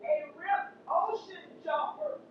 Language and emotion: English, neutral